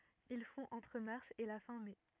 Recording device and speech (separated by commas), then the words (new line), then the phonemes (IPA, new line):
rigid in-ear microphone, read sentence
Il fond entre mars et la fin mai.
il fɔ̃ ɑ̃tʁ maʁs e la fɛ̃ mɛ